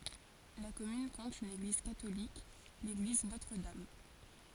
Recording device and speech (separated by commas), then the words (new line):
forehead accelerometer, read sentence
La commune compte une église catholique, l'église Notre-Dame.